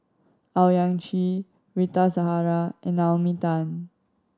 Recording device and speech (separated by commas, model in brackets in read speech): standing microphone (AKG C214), read sentence